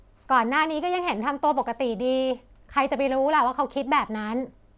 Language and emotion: Thai, frustrated